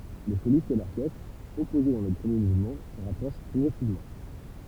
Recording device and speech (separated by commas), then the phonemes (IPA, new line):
temple vibration pickup, read sentence
lə solist e lɔʁkɛstʁ ɔpoze dɑ̃ lə pʁəmje muvmɑ̃ sə ʁapʁoʃ pʁɔɡʁɛsivmɑ̃